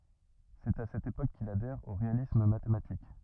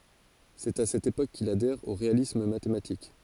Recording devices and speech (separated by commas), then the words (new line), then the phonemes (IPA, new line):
rigid in-ear microphone, forehead accelerometer, read sentence
C'est à cette époque qu'il adhère au réalisme mathématique.
sɛt a sɛt epok kil adɛʁ o ʁealism matematik